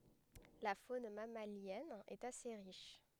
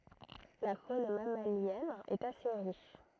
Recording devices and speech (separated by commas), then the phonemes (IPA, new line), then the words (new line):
headset microphone, throat microphone, read sentence
la fon mamaljɛn ɛt ase ʁiʃ
La faune mammalienne est assez riche.